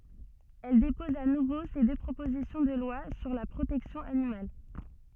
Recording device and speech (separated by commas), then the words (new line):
soft in-ear microphone, read sentence
Elle dépose à nouveau ces deux propositions de loi sur la protection animale.